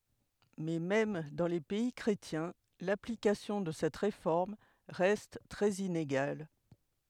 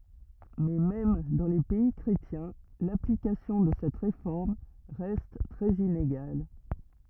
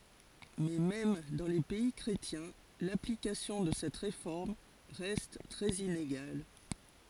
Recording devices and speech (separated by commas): headset microphone, rigid in-ear microphone, forehead accelerometer, read sentence